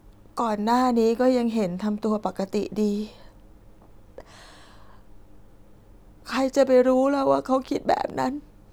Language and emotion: Thai, sad